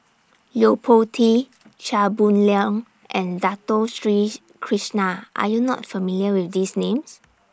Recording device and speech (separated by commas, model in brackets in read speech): standing microphone (AKG C214), read sentence